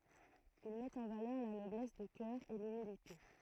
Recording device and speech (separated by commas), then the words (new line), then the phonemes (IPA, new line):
throat microphone, read sentence
Il met en valeur la noblesse de cœur et l'humilité.
il mɛt ɑ̃ valœʁ la nɔblɛs də kœʁ e lymilite